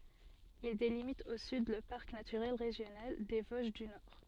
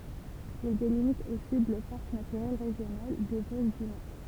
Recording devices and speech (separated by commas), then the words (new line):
soft in-ear microphone, temple vibration pickup, read sentence
Il délimite au sud le parc naturel régional des Vosges du Nord.